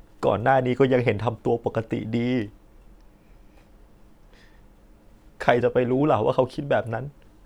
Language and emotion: Thai, sad